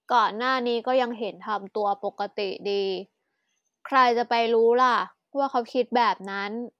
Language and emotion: Thai, frustrated